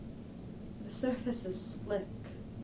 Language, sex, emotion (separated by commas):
English, female, neutral